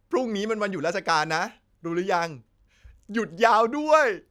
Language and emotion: Thai, happy